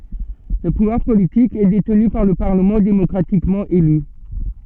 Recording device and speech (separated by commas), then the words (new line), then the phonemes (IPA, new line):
soft in-ear microphone, read sentence
Le pouvoir politique est détenu par le Parlement démocratiquement élu.
lə puvwaʁ politik ɛ detny paʁ lə paʁləmɑ̃ demɔkʁatikmɑ̃ ely